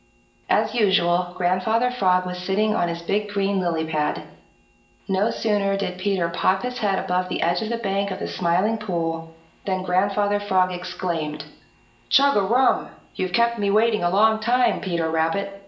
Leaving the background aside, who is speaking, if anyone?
One person.